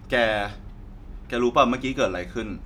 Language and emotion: Thai, frustrated